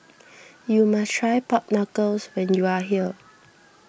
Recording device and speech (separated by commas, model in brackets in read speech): boundary microphone (BM630), read sentence